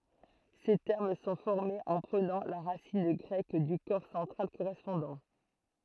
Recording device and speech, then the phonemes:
throat microphone, read sentence
se tɛʁm sɔ̃ fɔʁmez ɑ̃ pʁənɑ̃ la ʁasin ɡʁɛk dy kɔʁ sɑ̃tʁal koʁɛspɔ̃dɑ̃

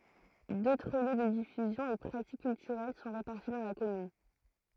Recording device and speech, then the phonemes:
throat microphone, read sentence
dotʁ ljø də difyzjɔ̃ e pʁatik kyltyʁɛl sɔ̃ ʁepaʁti dɑ̃ la kɔmyn

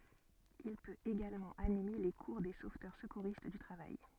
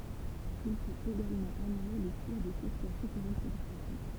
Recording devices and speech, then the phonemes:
soft in-ear microphone, temple vibration pickup, read sentence
il pøt eɡalmɑ̃ anime le kuʁ de sovtœʁ səkuʁist dy tʁavaj

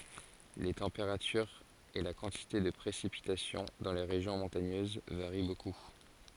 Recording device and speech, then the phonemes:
forehead accelerometer, read sentence
le tɑ̃peʁatyʁz e la kɑ̃tite də pʁesipitasjɔ̃ dɑ̃ le ʁeʒjɔ̃ mɔ̃taɲøz vaʁi boku

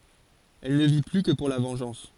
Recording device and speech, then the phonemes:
forehead accelerometer, read sentence
ɛl nə vi ply kə puʁ la vɑ̃ʒɑ̃s

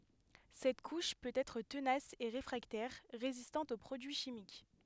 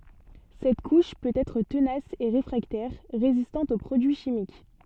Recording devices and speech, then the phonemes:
headset microphone, soft in-ear microphone, read sentence
sɛt kuʃ pøt ɛtʁ tənas e ʁefʁaktɛʁ ʁezistɑ̃t o pʁodyi ʃimik

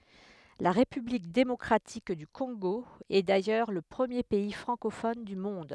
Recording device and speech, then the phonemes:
headset microphone, read sentence
la ʁepyblik demɔkʁatik dy kɔ̃ɡo ɛ dajœʁ lə pʁəmje pɛi fʁɑ̃kofɔn dy mɔ̃d

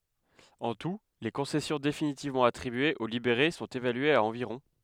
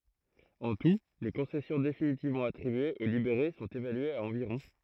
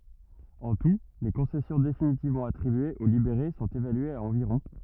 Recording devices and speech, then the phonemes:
headset microphone, throat microphone, rigid in-ear microphone, read sentence
ɑ̃ tu le kɔ̃sɛsjɔ̃ definitivmɑ̃ atʁibyez o libeʁe sɔ̃t evalyez a ɑ̃viʁɔ̃

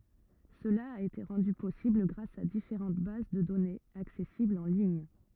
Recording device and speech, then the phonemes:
rigid in-ear microphone, read sentence
səla a ete ʁɑ̃dy pɔsibl ɡʁas a difeʁɑ̃t baz də dɔnez aksɛsiblz ɑ̃ liɲ

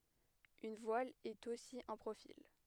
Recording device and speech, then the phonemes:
headset microphone, read sentence
yn vwal ɛt osi œ̃ pʁofil

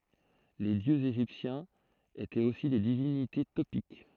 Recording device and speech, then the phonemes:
throat microphone, read sentence
le djøz eʒiptjɛ̃z etɛt osi de divinite topik

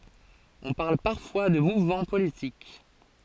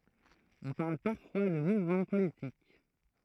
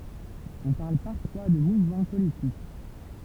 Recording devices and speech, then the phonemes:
forehead accelerometer, throat microphone, temple vibration pickup, read sentence
ɔ̃ paʁl paʁfwa də muvmɑ̃ politik

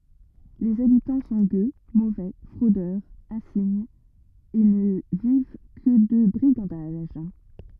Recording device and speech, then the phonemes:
rigid in-ear microphone, read sentence
lez abitɑ̃ sɔ̃ ɡø movɛ fʁodœʁz ɛ̃siɲz e nə viv kə də bʁiɡɑ̃daʒ

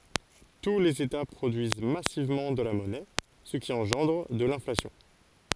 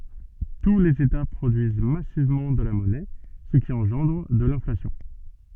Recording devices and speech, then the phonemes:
forehead accelerometer, soft in-ear microphone, read sentence
tu lez eta pʁodyiz masivmɑ̃ də la mɔnɛ sə ki ɑ̃ʒɑ̃dʁ də lɛ̃flasjɔ̃

